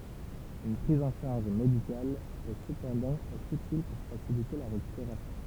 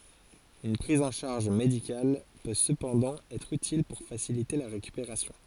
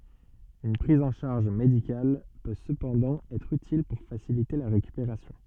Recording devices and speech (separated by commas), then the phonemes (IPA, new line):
temple vibration pickup, forehead accelerometer, soft in-ear microphone, read sentence
yn pʁiz ɑ̃ ʃaʁʒ medikal pø səpɑ̃dɑ̃ ɛtʁ ytil puʁ fasilite la ʁekypeʁasjɔ̃